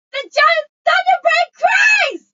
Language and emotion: English, disgusted